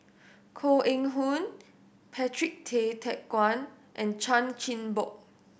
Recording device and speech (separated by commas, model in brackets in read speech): boundary microphone (BM630), read sentence